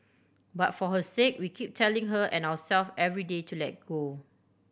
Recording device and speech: boundary microphone (BM630), read sentence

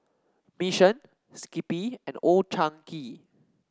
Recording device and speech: standing microphone (AKG C214), read sentence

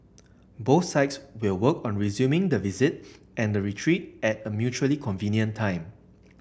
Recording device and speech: boundary microphone (BM630), read sentence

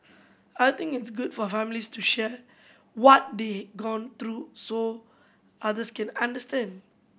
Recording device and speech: boundary microphone (BM630), read sentence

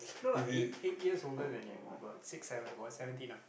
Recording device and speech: boundary microphone, conversation in the same room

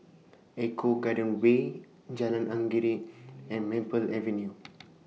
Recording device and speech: mobile phone (iPhone 6), read sentence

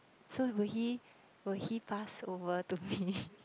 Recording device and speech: close-talking microphone, conversation in the same room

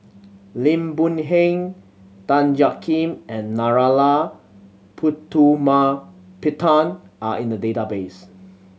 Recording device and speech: mobile phone (Samsung C7100), read sentence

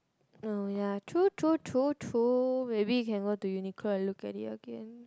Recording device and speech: close-talking microphone, conversation in the same room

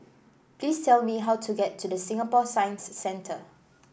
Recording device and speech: boundary microphone (BM630), read sentence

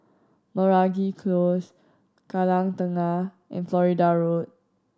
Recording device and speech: standing microphone (AKG C214), read sentence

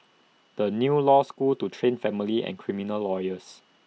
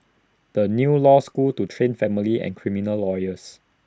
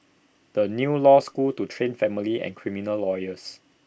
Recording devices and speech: mobile phone (iPhone 6), standing microphone (AKG C214), boundary microphone (BM630), read sentence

